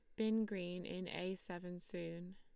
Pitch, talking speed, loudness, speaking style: 180 Hz, 165 wpm, -43 LUFS, Lombard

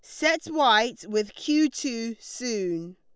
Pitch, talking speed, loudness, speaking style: 240 Hz, 130 wpm, -25 LUFS, Lombard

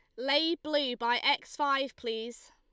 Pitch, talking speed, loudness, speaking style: 275 Hz, 155 wpm, -30 LUFS, Lombard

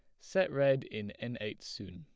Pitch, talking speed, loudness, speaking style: 125 Hz, 205 wpm, -35 LUFS, plain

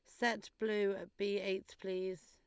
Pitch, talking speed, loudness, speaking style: 200 Hz, 175 wpm, -39 LUFS, Lombard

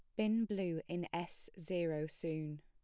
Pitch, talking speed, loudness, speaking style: 170 Hz, 150 wpm, -40 LUFS, plain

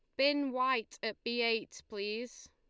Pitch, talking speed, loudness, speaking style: 235 Hz, 155 wpm, -34 LUFS, Lombard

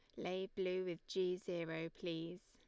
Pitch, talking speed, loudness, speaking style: 180 Hz, 160 wpm, -43 LUFS, Lombard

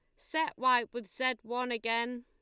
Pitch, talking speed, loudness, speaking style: 245 Hz, 180 wpm, -32 LUFS, Lombard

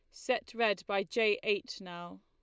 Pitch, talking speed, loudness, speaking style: 205 Hz, 175 wpm, -33 LUFS, Lombard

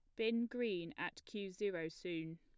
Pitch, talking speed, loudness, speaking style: 190 Hz, 165 wpm, -42 LUFS, plain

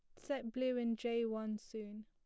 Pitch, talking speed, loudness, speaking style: 230 Hz, 195 wpm, -40 LUFS, plain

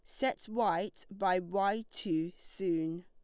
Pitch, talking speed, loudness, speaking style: 195 Hz, 125 wpm, -34 LUFS, Lombard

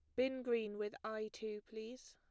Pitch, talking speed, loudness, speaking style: 220 Hz, 190 wpm, -43 LUFS, plain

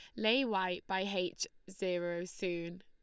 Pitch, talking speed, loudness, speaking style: 185 Hz, 135 wpm, -36 LUFS, Lombard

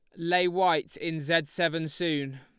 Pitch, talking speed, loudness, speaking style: 165 Hz, 165 wpm, -27 LUFS, Lombard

